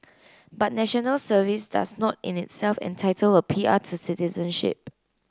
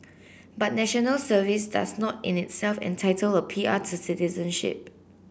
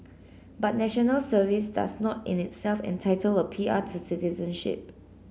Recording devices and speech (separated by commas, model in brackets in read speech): close-talking microphone (WH30), boundary microphone (BM630), mobile phone (Samsung C9), read sentence